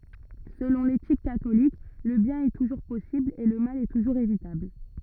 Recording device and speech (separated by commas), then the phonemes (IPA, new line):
rigid in-ear microphone, read sentence
səlɔ̃ letik katolik lə bjɛ̃n ɛ tuʒuʁ pɔsibl e lə mal tuʒuʁz evitabl